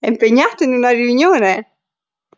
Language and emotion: Italian, happy